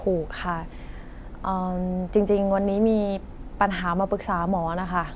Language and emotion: Thai, frustrated